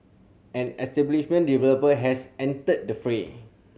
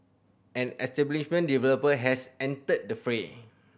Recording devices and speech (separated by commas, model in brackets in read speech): mobile phone (Samsung C7100), boundary microphone (BM630), read sentence